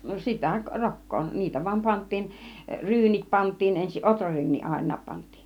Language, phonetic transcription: Finnish, no "sitä , "rok̀koo , 'niitä vaⁱm 'pant̆tiin , 'ryynit 'pant̆tiin 'ensiˀ "ˀotraryyn̆nii 'àin̆naap pant̆tII .
- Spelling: no sitä rokkaa niitä vain pantiin ryynit pantiin ensin ohraryyniä aina pantiin

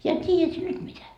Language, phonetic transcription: Finnish, ja 't́iijät sie "nyt mitä ?
- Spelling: ja tiedät sinä nyt mitä

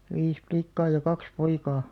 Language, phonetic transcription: Finnish, 'vis 'plikkaa ja 'kaks 'poikaa .
- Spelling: viisi likkaa ja kaksi poikaa

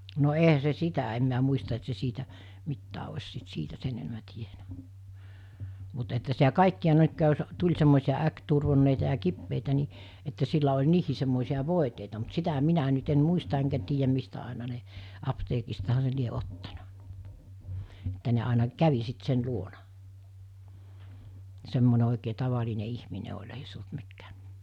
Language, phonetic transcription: Finnish, no 'eɦä se "sitä em miä muista et se 'siitä , 'mittää oś sit 'siitä 'sen enᵉmä 'tienä , mut että sitä 'kàikki₍a jos , 'tuĺ semmòisiʲa 'äkturvonneita ja 'kippeitä ni , että sillä oĺ 'niihì semmòisi₍a "vòiteita mut 'sitä 'minä nyt ‿en 'muista eŋkä tiijäm mistä àena ne , 'apteekistaha se 'lie ottana , Että ne àina 'kävi sit 'sen 'luona , 'semmone òikee 'tavaline 'ihmine oĺ ei se olt mikkää ,.
- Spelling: no eihän se sitä en minä muista että se siitä mitään olisi sitten siitä sen enemmän tiennyt mutta että sitä kaikkia jos tuli semmoisia äkkiturvonneita ja kipeitä niin että sillä oli niihin semmoisia voiteita mutta sitä minä nyt en muista enkä tiedä mistä aina ne apteekistahan se lie ottanut että ne aina kävi sitten sen luona semmoinen oikein tavallinen ihminen oli ei se ollut mikään

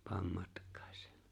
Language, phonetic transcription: Finnish, 'paam 'matk̀aaś . «
- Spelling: pane matkaasi

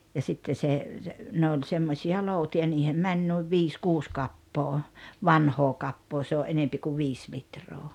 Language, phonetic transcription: Finnish, ja 'sitte se , se , 'ne oĺ 'semmosi₍a "lòuti₍a 'niihem 'mäń nuiv 'viis "kuus 'kappoo , "vanhoo 'kappoo se oä’ "’enempi ku "viis 'litroo .
- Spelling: ja sitten se se ne oli semmoisia lootia niihin meni noin viisi kuusi kappaa vanhaa kappaa se oli enemmän kuin viisi litraa

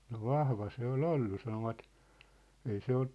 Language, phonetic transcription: Finnish, no "vahva se ‿o"l ‿ollu 'sanovat , 'ei se 'ot- ,.
- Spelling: no vahva se oli ollut sanovat ei se -

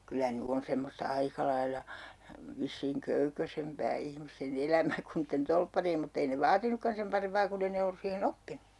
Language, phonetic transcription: Finnish, 'kyllä "ny on 'semmosta 'aika lailla , vissiiŋ 'köykösempää ihmiste"n ‿elämä kun niitten 'tolppari₍em mut't ‿ei ne "vaatinnukkan sem 'parempaa 'kunn ‿ei ne ollus 'siihen"n ‿oppinU .
- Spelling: kyllä nyt on semmoista aika lailla vissiin köykäisempää ihmisten elämä kuin niiden torpparien mutta ei ne vaatinutkaan sen parempaa kun ei ne ollut siihen oppinut

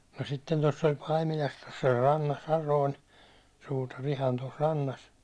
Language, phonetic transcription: Finnish, no sitten toss ‿oĺ 'Paimilas , tos oĺ 'rannas ja noin , 'suutar ihan tos 'rannas .
- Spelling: no sitten tuossa oli Paimilassa tuossa oli rannassa ja noin suutari ihan tuossa rannassa

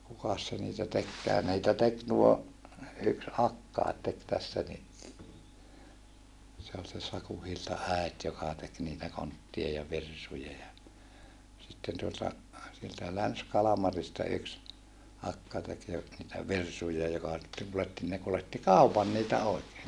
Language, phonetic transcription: Finnish, kukas se niitä tekkää ni̮itä tek tuo , yks akkaet tek tässä ni , se ol se Saku Hilta äet joka tek niitä konttia ja virsuja ja , sitten tuota , sieltä LänsKalamarista yks , akka tek jo , niitä virsuja joka sitteŋ kuletti ne kuletti kàupan niitä oikee .
- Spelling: kukas se niitä tekikään niitä teki tuo yksi akkakin teki tässä niin se oli se Sakun Hiltan äiti joka teki niitä kontteja ja virsuja ja sitten tuota sieltä Länsi-Kalmarista yksi akka teki jo niitä virsuja joka sitten kuljetti ne kuljetti kaupan niitä oikein

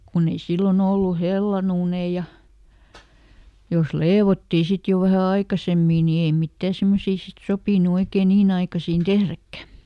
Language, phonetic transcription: Finnish, ˈkunn ‿ei ˈsillon ‿ollu "hellan ‿uunei ja , jos "leevottii ˈsit jo vähä ˈaikasemmii nii ei ˈmittää ˈsemmosii sit "sopìnu ˈoikee "niin ‿aikasiin "tehräkkä .
- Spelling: kun ei silloin ollut hellan uuneja ja jos leivottiin sitten jo vähän aikaisemmin niin ei mitään semmoisia sitten sopinut oikein niin aikaisin tehdäkään

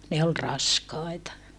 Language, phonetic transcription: Finnish, ne ol raskài̮ta .
- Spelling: ne oli raskaita

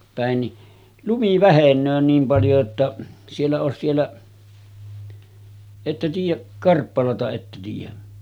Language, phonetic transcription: Finnish, pä̀en ni , 'lumi "vähen̆nöö 'niim paljo että , siellä òes siellä , 'että tiij̆jäˀ , 'Karppalata että tiij̆jä ?
- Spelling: päin niin lumi vähenee niin paljon että siellä olisi siellä ette tiedä Karppalaa että tiedä

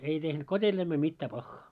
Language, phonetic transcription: Finnish, ei tehnut 'kot́elläimel 'mitta 'paχχaa .
- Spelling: ei tehnyt kotieläimelle mitään pahaa

